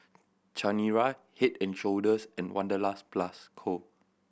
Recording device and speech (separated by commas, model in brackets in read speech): boundary microphone (BM630), read sentence